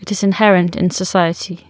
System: none